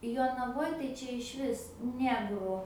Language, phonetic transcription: Lithuanian, jonaˈvoj tai ˈčia išˈvis ˈnegru

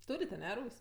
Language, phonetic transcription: Lithuanian, ˈtūrit' aˈne ˈrūs'

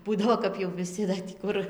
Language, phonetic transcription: Lithuanian, ˈbūdavo kap jau viˈsi da tį ˈkur

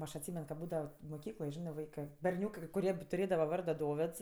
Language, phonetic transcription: Lithuanian, ˈaš atˈsymen ka ˈbūdavo moˈkykloj ˈžinɜ ˈvaikɜ berˈniūkɜ kai kuˈrie tuˈrėdava ˈvardo ˈdovėds

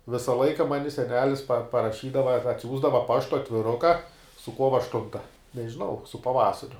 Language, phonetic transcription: Lithuanian, ˈvisa ˈlaika ˈmani seˈnelis pa paraˈšydava ar atˈsiųsdava ˈpaštu atviˈruka su ˈkuova ašˈtunta nežiˈnau su paˈvasariu

